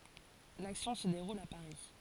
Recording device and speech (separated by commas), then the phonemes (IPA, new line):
forehead accelerometer, read sentence
laksjɔ̃ sə deʁul a paʁi